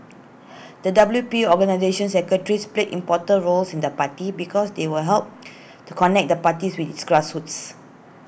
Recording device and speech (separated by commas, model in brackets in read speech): boundary microphone (BM630), read sentence